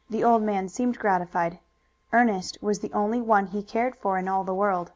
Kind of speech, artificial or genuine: genuine